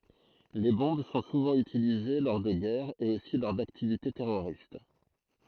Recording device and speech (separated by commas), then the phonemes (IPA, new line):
throat microphone, read sentence
le bɔ̃b sɔ̃ suvɑ̃ ytilize lɔʁ də ɡɛʁz e osi lɔʁ daktivite tɛʁoʁist